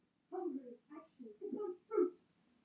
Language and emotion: English, angry